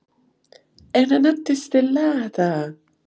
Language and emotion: Italian, surprised